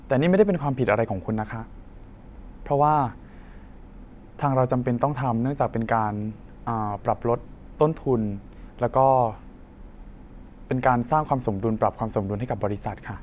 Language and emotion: Thai, neutral